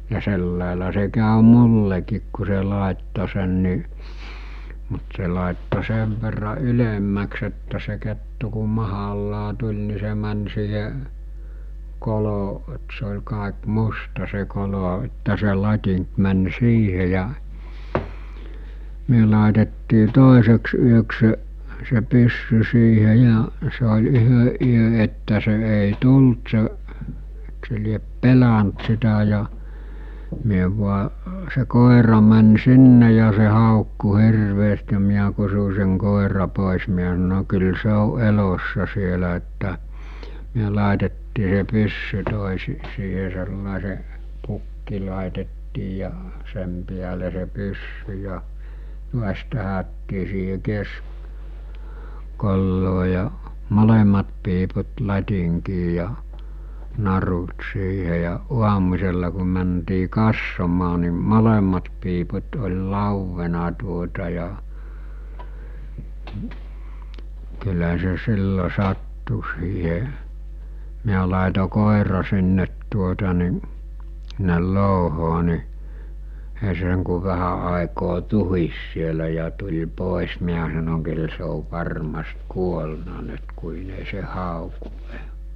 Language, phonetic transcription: Finnish, ja 'sellàela se kä̀ö "mulleki̳k ku se 'làetto sen ni , mut se làetto 'sev verra 'ylemmäks että se kettu ku 'mahallaa 'tuĺ ni se män siihe , 'kolo- , et se oĺ 'kàek "musta se 'kolo että se 'lat́iŋk män 'siihe ja , 'myö làetettii 'tòeseks yöks se , se 'pyssy siihe ja , se oĺ 'yhö ˀyö että se ’èi 'tult se , (e)iks se liep "pelä͔nt sitä ja , myö vua , se 'kòera män 'sinne ja se 'hàokku 'hirveest ja 'miä kusu seŋ 'kòera 'pòes miä sano » kyl se o 'elossa sielä « että , myö làetettii se 'pyssy 'tòesi- , siihe sellàese , 'pukki làetettii ja , 'sem piäle se 'pyssy ja , 'tuas̜ tähättii siihe 'kesk- , -kolloo ja , 'molem̀at piiput 'lat̜iŋkii ja , 'narut 'siihe ja , 'uamus̜ella ku mäntii 'kassomaa ni , 'molemmat piiput oĺ 'làuvvena tuota ja , kylä se 'sillo 'sattu siihe , miä làeto 'kòera sinnet tuota ni , (s̬ɪ)nnel 'lòuhoo ni , ei se seŋ ku 'vähä àekoo 'tuhis sielä ja tuĺ 'pòes miä sanoŋ » kyl se ov 'varmast 'kuolna 'nyt kuin ‿ei se 'hàokuˀ 'ˀe[nää] « .
- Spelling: ja sillä lailla se kävi minullekin kun se laittoi sen niin mutta se laittoi sen verran ylemmäksi että se kettu kun mahallaan tuli niin se meni siihen - että se oli kaikki musta se kolo että se latinki meni siihen ja me laitettiin toiseksi yöksi se se pyssy siihen ja se oli yhden yön että se ei tullut se eikö se lie pelännyt sitä ja me vain se koira meni sinne ja se haukkui hirveästi ja minä kutsuin sen koiran pois minä sanoin kyllä se on elossa siellä että me laitettiin se pyssy - siihen sellaiseen pukki laitettiin ja sen päälle se pyssy ja taas tähdättiin siihen - keskikoloon ja molemmat piiput latinkiin ja narut siihen ja aamusella kun mentiin katsomaan niin molemmat piiput oli lauennut tuota ja kyllä se silloin sattui siihen minä laitoin koiran sinne tuota niin sinne louhoon niin ei se sen kun vähän aikaa tuhisi siellä ja tuli pois minä sanoin kyllä se on varmasti kuollut nyt kun ei se hauku enää

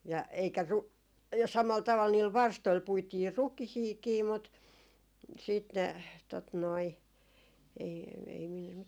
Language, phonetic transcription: Finnish, ja eikä ru- , ja 'samal 'taval niil "varstoil 'puitii "rukihiikii mut , siit ne , tot noi , ei , ei min ,.
- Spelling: ja eikä - ja samalla tavalla niillä varstoilla puitiin rukiitakin mutta sitten ne tuota noin ei ei minun

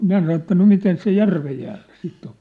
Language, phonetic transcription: Finnish, minä sano että » no "miten se "järvej jäälʟᴀ̈ 'siit̀ ‿o ? «
- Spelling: minä sanoin että no miten se järven jäällä sitten on

